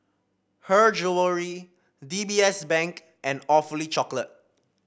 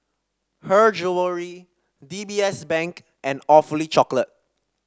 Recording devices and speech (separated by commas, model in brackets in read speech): boundary microphone (BM630), standing microphone (AKG C214), read sentence